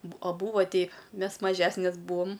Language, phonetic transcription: Lithuanian, bu a ˈbūva ˈtei ˈmes maˈžesnes ˈbūom

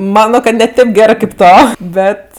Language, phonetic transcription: Lithuanian, ˈmano ka ne ˈtėp ˈgerɜ kėp ˈto ˈbet

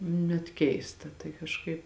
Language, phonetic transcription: Lithuanian, net ˈkeista tai kažˈkaip

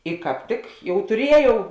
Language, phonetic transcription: Lithuanian, i kāp ˈtik ˈjau tuˈrieˌjau

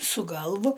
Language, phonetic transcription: Lithuanian, su ˈgalvu

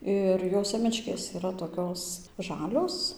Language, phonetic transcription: Lithuanian, ˈir jo ˈsėmečkės iˈra toˈkios ˈžalios

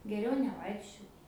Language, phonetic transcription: Lithuanian, ˈgeriau neˈvaikščiot

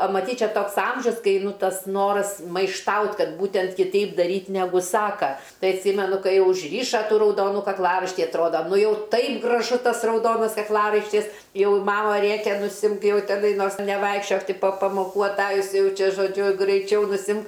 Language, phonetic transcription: Lithuanian, a maˈtyt' ˈčia ˈtoks ˈamžius ˈkai ˈnu ˈtas ˈnoras maišˈtaut' ˈkad ˈbūtent kiˈteip daˈryt' neˈgu ˈsaka ˈtai atˈsymenu ˈkaiˈ jau užˈryša rauˈdonu kakˈlaraištį atˈroda ˈnu ˈjau ˈtaip graˈžu ˈtas rauˈdonas kakˈlaraištis ˈjau ˈmama ˈrėkia nuˈsimk ˈjau teˈnai ˈnors neˈvaikščiok ˈti po pamoˈkų aˈtajus ˈjau ˈčia žoˈdžiu graiˈčiau nuˈsimk

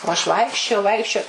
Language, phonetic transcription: Lithuanian, o aš ˈvaikščiojau ˈvaikščioj

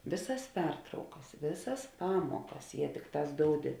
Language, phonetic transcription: Lithuanian, ˈvėˌsas ˈpertraukas ˈvėˌsas ˈpamuokas jie ˈtikˌtās ˈdoudi

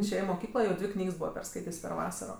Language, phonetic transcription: Lithuanian, išˈėje i moˈkyklo jau ˈdvi ˈknygs ˈbūva perˈskaitės' per ˈvasaro

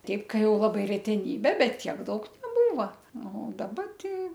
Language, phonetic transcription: Lithuanian, ˈteip ˈka ˈjau ˈlabai reteˈnybė ˈbet ˈtiek ˈdaug neˈbūva ˈnu daˈba ˈtei

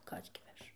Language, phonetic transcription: Lithuanian, ˈkas gi ˈveš

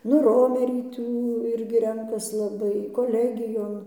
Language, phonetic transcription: Lithuanian, nu ˈromerį ˈtų ˈirgi ˈrenkas laˈbai koˈlegijon

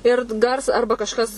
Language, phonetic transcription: Lithuanian, ˈir t ˈgars ˈarba kažˈkas

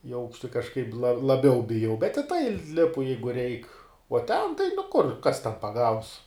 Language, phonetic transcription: Lithuanian, i ˈaukšti kažˈkaip la laˈbiau biˈjau bet i tai ˈlipu ˈjeigu reik o ten tai nu ˈkur ˈkas ten paˈgaus

